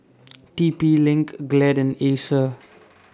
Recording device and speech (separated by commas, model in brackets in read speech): standing microphone (AKG C214), read sentence